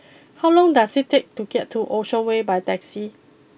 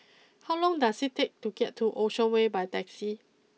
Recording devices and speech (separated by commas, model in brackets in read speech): boundary microphone (BM630), mobile phone (iPhone 6), read sentence